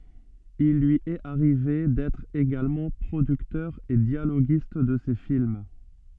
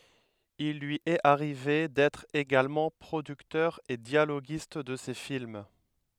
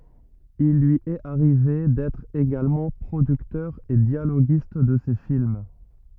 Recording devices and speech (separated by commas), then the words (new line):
soft in-ear microphone, headset microphone, rigid in-ear microphone, read sentence
Il lui est arrivé d'être également producteur et dialoguiste de ses films.